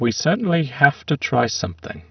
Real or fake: fake